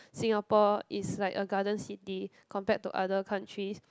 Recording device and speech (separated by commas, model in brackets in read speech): close-talking microphone, conversation in the same room